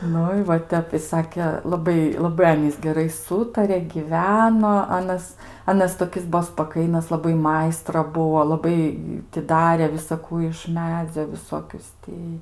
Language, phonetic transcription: Lithuanian, ˈnu i va ˈtep i ˈsake laˈbai laˈbai ˈanys geˈrai ˈsūtare ˈgyveno ˈanas ˈanas toˈkis ˈbuo spaˈkainas laˈbai ˈmaistra ˈbuvo laˈbai ti ˈdarė visaˈkų iš ˈmedzio viˈsokius ˈti

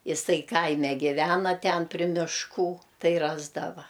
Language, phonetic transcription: Lithuanian, jiˈsai ˈkaime giˈvena ˈten pri mišˈkų ˈtai ˈrasdava

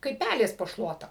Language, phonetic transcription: Lithuanian, kaip ˈpælės po ˈšluota

